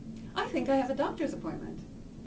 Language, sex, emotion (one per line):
English
female
neutral